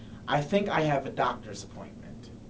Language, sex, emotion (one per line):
English
male
neutral